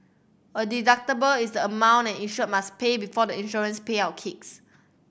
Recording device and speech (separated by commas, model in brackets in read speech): boundary microphone (BM630), read sentence